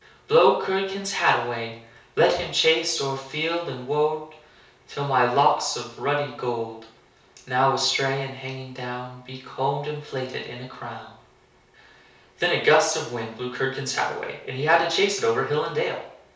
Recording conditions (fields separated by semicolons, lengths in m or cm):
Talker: one person; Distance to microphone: 3.0 m; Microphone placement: far; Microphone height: 1.8 m; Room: small (3.7 m by 2.7 m); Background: none